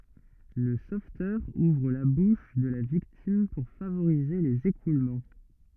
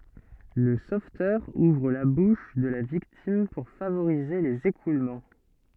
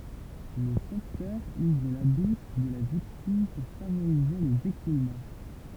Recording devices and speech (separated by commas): rigid in-ear microphone, soft in-ear microphone, temple vibration pickup, read sentence